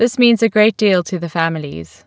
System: none